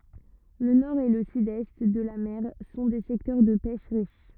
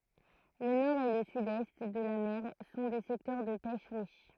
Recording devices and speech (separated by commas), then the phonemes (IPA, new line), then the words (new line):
rigid in-ear microphone, throat microphone, read sentence
lə nɔʁ e lə sydɛst də la mɛʁ sɔ̃ de sɛktœʁ də pɛʃ ʁiʃ
Le nord et le sud-est de la mer sont des secteurs de pêche riches.